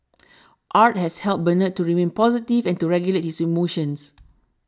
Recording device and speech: standing microphone (AKG C214), read sentence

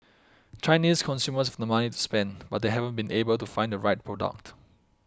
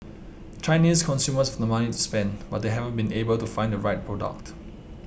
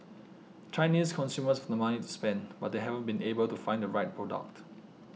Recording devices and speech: close-talking microphone (WH20), boundary microphone (BM630), mobile phone (iPhone 6), read sentence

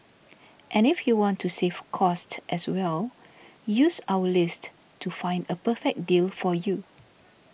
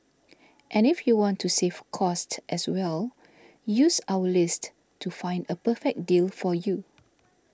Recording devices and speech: boundary microphone (BM630), standing microphone (AKG C214), read sentence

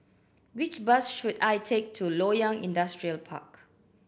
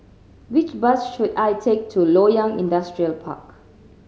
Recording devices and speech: boundary microphone (BM630), mobile phone (Samsung C7100), read sentence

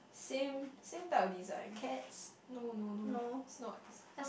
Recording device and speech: boundary microphone, conversation in the same room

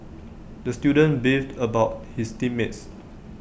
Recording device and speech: boundary microphone (BM630), read sentence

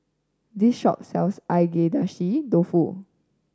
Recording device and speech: standing microphone (AKG C214), read sentence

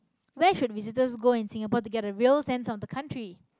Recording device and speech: close-talking microphone, conversation in the same room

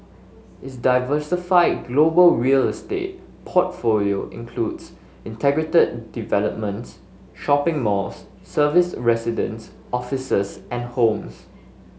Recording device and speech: mobile phone (Samsung S8), read sentence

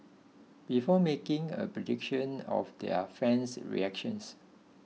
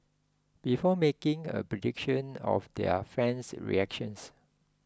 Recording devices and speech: mobile phone (iPhone 6), close-talking microphone (WH20), read sentence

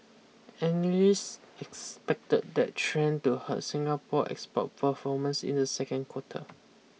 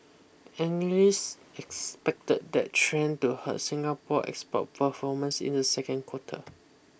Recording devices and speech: mobile phone (iPhone 6), boundary microphone (BM630), read sentence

